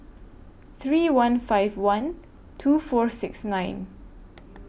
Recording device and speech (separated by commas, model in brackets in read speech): boundary microphone (BM630), read sentence